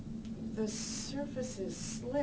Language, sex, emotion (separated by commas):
English, female, neutral